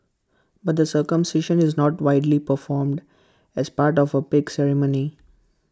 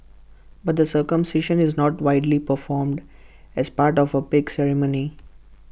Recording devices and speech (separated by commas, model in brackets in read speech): close-talking microphone (WH20), boundary microphone (BM630), read sentence